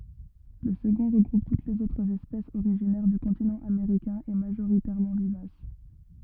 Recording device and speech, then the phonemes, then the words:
rigid in-ear microphone, read sentence
lə səɡɔ̃ ʁəɡʁup tut lez otʁz ɛspɛsz oʁiʒinɛʁ dy kɔ̃tinɑ̃ ameʁikɛ̃ e maʒoʁitɛʁmɑ̃ vivas
Le second regroupe toutes les autres espèces originaires du continent américain et majoritairement vivaces.

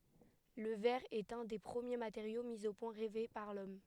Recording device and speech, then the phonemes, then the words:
headset microphone, read sentence
lə vɛʁ ɛt œ̃ de pʁəmje mateʁjo mi o pwɛ̃ ʁɛve paʁ lɔm
Le verre est un des premiers matériaux mis au point, rêvé par l’homme.

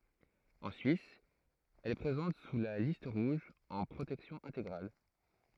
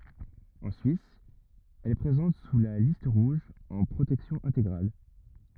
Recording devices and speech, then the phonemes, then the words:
throat microphone, rigid in-ear microphone, read sentence
ɑ̃ syis ɛl ɛ pʁezɑ̃t syʁ la list ʁuʒ ɑ̃ pʁotɛksjɔ̃ ɛ̃teɡʁal
En Suisse, elle est présente sur la Liste rouge en protection intégrale.

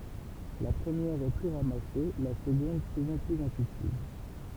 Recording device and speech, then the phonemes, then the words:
temple vibration pickup, read sentence
la pʁəmjɛʁ ɛ ply ʁamase la səɡɔ̃d suvɑ̃ plyz ɛ̃tyitiv
La première est plus ramassée, la seconde souvent plus intuitive.

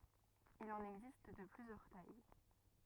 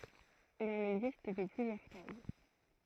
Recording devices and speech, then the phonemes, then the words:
rigid in-ear microphone, throat microphone, read sentence
il ɑ̃n ɛɡzist də plyzjœʁ taj
Il en existe de plusieurs tailles.

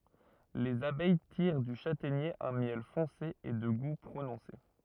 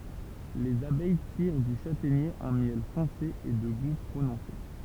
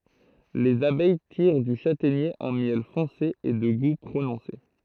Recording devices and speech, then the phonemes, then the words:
rigid in-ear microphone, temple vibration pickup, throat microphone, read sentence
lez abɛj tiʁ dy ʃatɛɲe œ̃ mjɛl fɔ̃se e də ɡu pʁonɔ̃se
Les abeilles tirent du châtaignier un miel foncé et de goût prononcé.

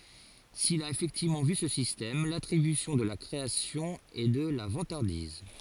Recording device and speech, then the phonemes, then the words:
forehead accelerometer, read sentence
sil a efɛktivmɑ̃ vy sə sistɛm latʁibysjɔ̃ də la kʁeasjɔ̃ ɛ də la vɑ̃taʁdiz
S'il a effectivement vu ce système, l'attribution de la création est de la vantardise.

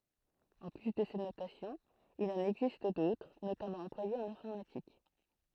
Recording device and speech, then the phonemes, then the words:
throat microphone, read sentence
ɑ̃ ply də sɛt notasjɔ̃ il ɑ̃n ɛɡzist dotʁ notamɑ̃ ɑ̃plwajez ɑ̃n ɛ̃fɔʁmatik
En plus de cette notation, il en existe d'autres, notamment employées en informatique.

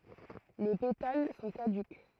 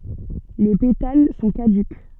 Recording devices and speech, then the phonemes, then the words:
throat microphone, soft in-ear microphone, read sentence
le petal sɔ̃ kadyk
Les pétales sont caducs.

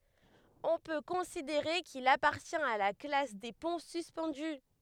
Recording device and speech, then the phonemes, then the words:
headset microphone, read sentence
ɔ̃ pø kɔ̃sideʁe kil apaʁtjɛ̃t a la klas de pɔ̃ syspɑ̃dy
On peut considérer qu'il appartient à la classe des ponts suspendus.

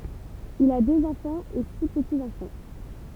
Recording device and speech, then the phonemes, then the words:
temple vibration pickup, read sentence
il a døz ɑ̃fɑ̃z e si pətiz ɑ̃fɑ̃
Il a deux enfants et six petits-enfants.

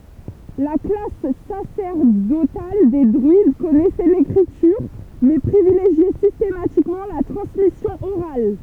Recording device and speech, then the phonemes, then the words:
temple vibration pickup, read sentence
la klas sasɛʁdotal de dʁyid kɔnɛsɛ lekʁityʁ mɛ pʁivileʒjɛ sistematikmɑ̃ la tʁɑ̃smisjɔ̃ oʁal
La classe sacerdotale des druides connaissait l'écriture, mais privilégiait systématiquement la transmission orale.

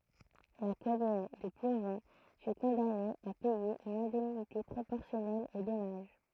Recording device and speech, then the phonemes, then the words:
throat microphone, read sentence
la kɔmyn də plovɑ̃ fy kɔ̃dane a pɛje yn ɛ̃dɛmnite pʁopɔʁsjɔnɛl o dɔmaʒ
La commune de Plovan fut condamnée à payer une indemnité proportionnelle au dommage.

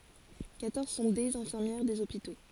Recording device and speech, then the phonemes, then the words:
forehead accelerometer, read sentence
kwatɔʁz sɔ̃ dez ɛ̃fiʁmjɛʁ dez opito
Quatorze sont des infirmières des hôpitaux.

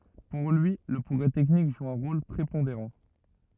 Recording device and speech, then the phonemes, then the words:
rigid in-ear microphone, read sentence
puʁ lyi lə pʁɔɡʁɛ tɛknik ʒu œ̃ ʁol pʁepɔ̃deʁɑ̃
Pour lui, le progrès technique joue un rôle prépondérant.

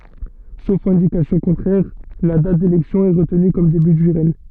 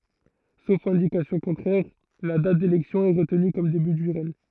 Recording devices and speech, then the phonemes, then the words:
soft in-ear microphone, throat microphone, read sentence
sof ɛ̃dikasjɔ̃ kɔ̃tʁɛʁ la dat delɛksjɔ̃ ɛ ʁətny kɔm deby dy ʁɛɲ
Sauf indication contraire, la date d'élection est retenue comme début du règne.

